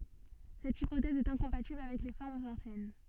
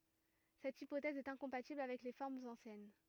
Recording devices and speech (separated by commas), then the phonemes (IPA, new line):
soft in-ear microphone, rigid in-ear microphone, read sentence
sɛt ipotɛz ɛt ɛ̃kɔ̃patibl avɛk le fɔʁmz ɑ̃sjɛn